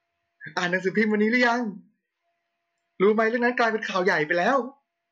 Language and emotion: Thai, happy